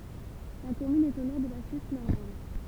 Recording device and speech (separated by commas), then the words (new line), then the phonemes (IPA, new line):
temple vibration pickup, read sentence
La commune est au nord de la Suisse normande.
la kɔmyn ɛt o nɔʁ də la syis nɔʁmɑ̃d